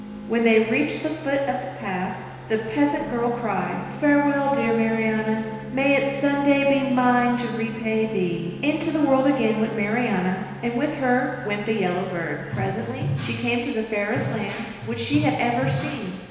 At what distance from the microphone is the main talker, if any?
1.7 m.